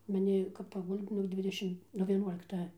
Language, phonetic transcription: Lithuanian, maˈni kap paˈgul'd' nug ˈdvidešim nuo vieˈnuolikta

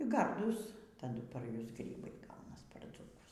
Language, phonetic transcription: Lithuanian, ˈgardūs taˈdu par ˈjus ˈgrybai ˈgaunas par dzūˈkus

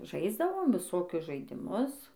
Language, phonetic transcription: Lithuanian, ˈžaisdavom viˈsokius žaidiˈmus

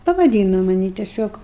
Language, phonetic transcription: Lithuanian, pavaˈdyno maˈnį teˈsiog

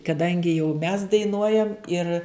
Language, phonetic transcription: Lithuanian, kaˈdangi jau mes daiˈnuojam ir

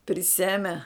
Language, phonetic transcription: Lithuanian, priˈseme

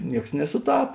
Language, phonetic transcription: Lithuanian, ˈnieks nesuˈtap

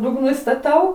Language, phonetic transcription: Lithuanian, dugˈnu istaˈtau

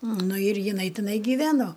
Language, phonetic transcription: Lithuanian, ˈnu ir jiˈnai tiˈnai giˈveno

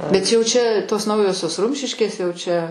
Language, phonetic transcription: Lithuanian, bet ˈjau ˈčia tos ˈnaujosios ˈrumšiškės jau ˈčia

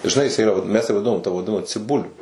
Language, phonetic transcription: Lithuanian, žiˈnai jiˈsai iˈra vat ˈmes ją vaˈdinom ta vaˈdinama ciˈbuliu

